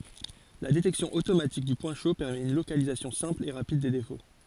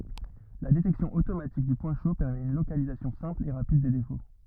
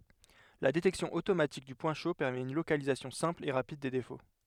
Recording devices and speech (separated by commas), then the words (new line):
forehead accelerometer, rigid in-ear microphone, headset microphone, read sentence
La détection automatique du point chaud permet une localisation simple et rapide des défauts.